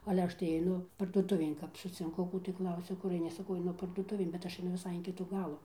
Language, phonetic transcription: Lithuanian, ale ˈaš tai aiˈnu parduoˈtuvėn kap sucinˈku ˈkų tai ˈklausia ˈkur aiˈni saˈkau aiˈnu parduoˈtuvėn bet ˈaš aiˈnu viˈsai in ˈkitų ˈgalų

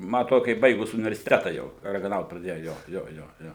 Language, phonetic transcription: Lithuanian, ˈma aˈtrodu ka ˈji ˈbaigus universiˈteta jau ragaˈnaut praˈdėju ˈjo ˈjo ˈjo ˈjo

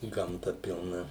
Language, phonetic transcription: Lithuanian, gamˈta pilˈna

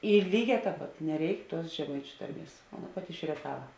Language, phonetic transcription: Lithuanian, i ˈlyˌgē ˈtēp ˈpat neˈreik tuos žeˈmaičiu ˈtarˌmies o ˈaˌna ˈpati iš rieˈtava

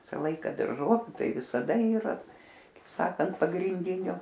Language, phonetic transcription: Lithuanian, ˈvisa ˈlaika darˈžoviu ˈtai visaˈda yˈra kaip ˈsakant pagrinˈdinio

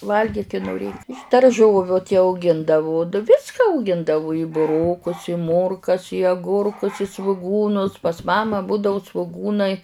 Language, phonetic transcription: Lithuanian, ˈvalgyk i noˈrėk iš darˈžoviu ti auˈgindavu ˈviska auˈgindavu i buˈrokus i ˈmorkas i aˈgurkus i svuˈgūnus pas ˈmama ˈbudau svuˈgūnai

